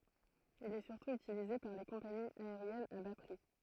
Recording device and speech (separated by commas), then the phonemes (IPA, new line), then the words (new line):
throat microphone, read sentence
il ɛ syʁtu ytilize paʁ le kɔ̃paniz aeʁjɛnz a ba pʁi
Il est surtout utilisé par les compagnies aériennes à bas prix.